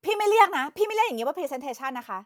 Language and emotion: Thai, angry